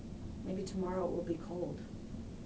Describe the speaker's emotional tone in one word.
neutral